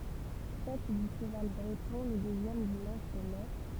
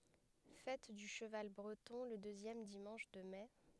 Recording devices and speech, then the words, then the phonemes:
temple vibration pickup, headset microphone, read sentence
Fête du cheval breton le deuxième dimanche de mai.
fɛt dy ʃəval bʁətɔ̃ lə døzjɛm dimɑ̃ʃ də mɛ

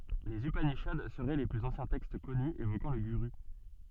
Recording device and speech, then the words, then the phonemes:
soft in-ear microphone, read sentence
Les upanishads seraient les plus anciens textes connus évoquant le guru.
lez ypaniʃad səʁɛ le plyz ɑ̃sjɛ̃ tɛkst kɔny evokɑ̃ lə ɡyʁy

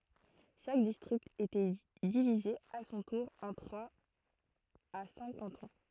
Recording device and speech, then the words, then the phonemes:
throat microphone, read sentence
Chaque district était divisé à son tour en trois à cinq cantons.
ʃak distʁikt etɛ divize a sɔ̃ tuʁ ɑ̃ tʁwaz a sɛ̃k kɑ̃tɔ̃

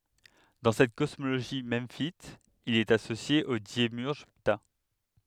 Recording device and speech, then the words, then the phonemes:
headset microphone, read sentence
Dans cette cosmogonie memphite, il est associé au démiurge Ptah.
dɑ̃ sɛt kɔsmoɡoni mɑ̃fit il ɛt asosje o demjyʁʒ pta

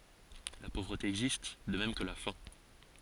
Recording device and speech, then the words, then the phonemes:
forehead accelerometer, read sentence
La pauvreté existe, de même que la faim.
la povʁəte ɛɡzist də mɛm kə la fɛ̃

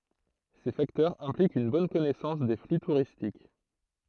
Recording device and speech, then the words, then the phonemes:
throat microphone, read sentence
Ces facteurs impliquent une bonne connaissance des flux touristiques.
se faktœʁz ɛ̃plikt yn bɔn kɔnɛsɑ̃s de fly tuʁistik

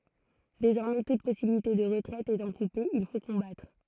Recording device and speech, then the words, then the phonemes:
throat microphone, read sentence
Désormais toute possibilité de retraite étant coupée, il faut combattre.
dezɔʁmɛ tut pɔsibilite də ʁətʁɛt etɑ̃ kupe il fo kɔ̃batʁ

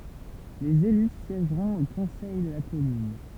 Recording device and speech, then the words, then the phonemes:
temple vibration pickup, read sentence
Les élus siègeront au Conseil de la Commune.
lez ely sjɛʒʁɔ̃t o kɔ̃sɛj də la kɔmyn

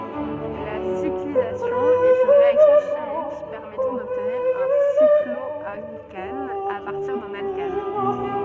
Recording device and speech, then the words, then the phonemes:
soft in-ear microphone, read sentence
La cyclisation est une réaction chimique permettant d'obtenir un cycloalcane à partir d'un alcane.
la siklizasjɔ̃ ɛt yn ʁeaksjɔ̃ ʃimik pɛʁmɛtɑ̃ dɔbtniʁ œ̃ siklɔalkan a paʁtiʁ dœ̃n alkan

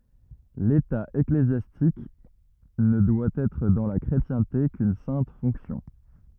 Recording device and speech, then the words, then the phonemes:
rigid in-ear microphone, read sentence
L’État ecclésiastique ne doit être dans la chrétienté qu’une sainte fonction.
leta eklezjastik nə dwa ɛtʁ dɑ̃ la kʁetjɛ̃te kyn sɛ̃t fɔ̃ksjɔ̃

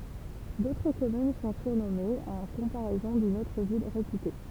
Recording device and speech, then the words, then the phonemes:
temple vibration pickup, read sentence
D'autres communes sont surnommées en comparaison d'une autre ville réputée.
dotʁ kɔmyn sɔ̃ syʁnɔmez ɑ̃ kɔ̃paʁɛzɔ̃ dyn otʁ vil ʁepyte

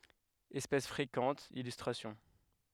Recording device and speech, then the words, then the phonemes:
headset microphone, read sentence
Espèce fréquente, illustrations.
ɛspɛs fʁekɑ̃t ilystʁasjɔ̃

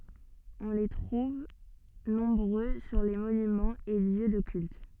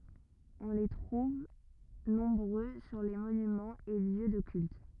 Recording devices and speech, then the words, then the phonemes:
soft in-ear microphone, rigid in-ear microphone, read sentence
On les trouve nombreux sur les monuments et lieux de cultes.
ɔ̃ le tʁuv nɔ̃bʁø syʁ le monymɑ̃z e ljø də kylt

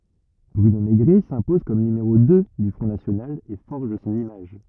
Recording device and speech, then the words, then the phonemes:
rigid in-ear microphone, read sentence
Bruno Mégret s'impose comme numéro deux du Front national et forge son image.
bʁyno meɡʁɛ sɛ̃pɔz kɔm nymeʁo dø dy fʁɔ̃ nasjonal e fɔʁʒ sɔ̃n imaʒ

